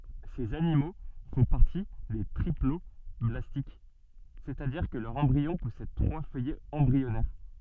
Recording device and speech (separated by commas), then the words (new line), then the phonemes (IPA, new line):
soft in-ear microphone, read sentence
Ces animaux font partie des triploblastiques, c'est-à-dire que leur embryon possède trois feuillets embryonnaires.
sez animo fɔ̃ paʁti de tʁiplɔblastik sɛstadiʁ kə lœʁ ɑ̃bʁiɔ̃ pɔsɛd tʁwa fœjɛz ɑ̃bʁiɔnɛʁ